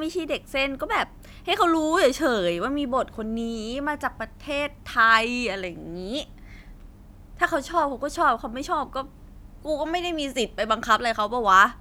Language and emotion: Thai, frustrated